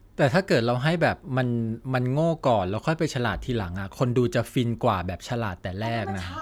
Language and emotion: Thai, neutral